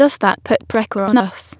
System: TTS, waveform concatenation